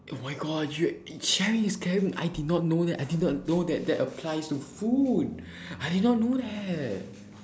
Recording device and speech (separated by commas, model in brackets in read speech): standing microphone, conversation in separate rooms